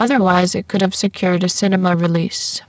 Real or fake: fake